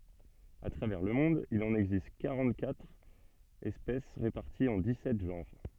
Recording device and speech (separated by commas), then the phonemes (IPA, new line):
soft in-ear microphone, read sentence
a tʁavɛʁ lə mɔ̃d il ɑ̃n ɛɡzist kaʁɑ̃təkatʁ ɛspɛs ʁepaʁtiz ɑ̃ dikssɛt ʒɑ̃ʁ